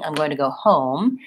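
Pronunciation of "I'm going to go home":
The stress falls on the last word, 'home'.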